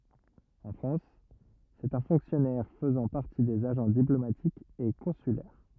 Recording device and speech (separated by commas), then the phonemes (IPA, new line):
rigid in-ear microphone, read sentence
ɑ̃ fʁɑ̃s sɛt œ̃ fɔ̃ksjɔnɛʁ fəzɑ̃ paʁti dez aʒɑ̃ diplomatikz e kɔ̃sylɛʁ